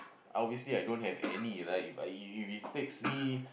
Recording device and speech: boundary microphone, conversation in the same room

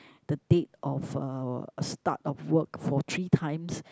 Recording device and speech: close-talking microphone, conversation in the same room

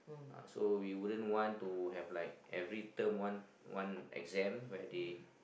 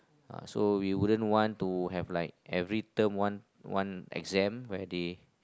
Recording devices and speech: boundary microphone, close-talking microphone, conversation in the same room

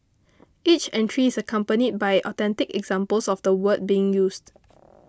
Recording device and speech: close-talking microphone (WH20), read sentence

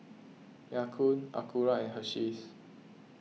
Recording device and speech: mobile phone (iPhone 6), read sentence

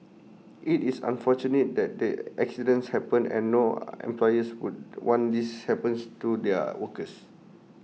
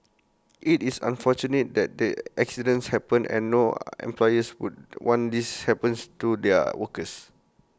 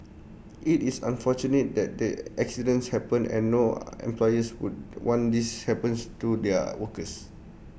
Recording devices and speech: mobile phone (iPhone 6), close-talking microphone (WH20), boundary microphone (BM630), read sentence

